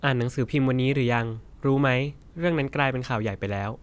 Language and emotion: Thai, neutral